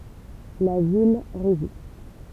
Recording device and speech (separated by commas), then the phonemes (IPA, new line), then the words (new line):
temple vibration pickup, read sentence
la vil ʁezist
La ville résiste.